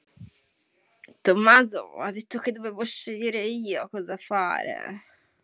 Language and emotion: Italian, disgusted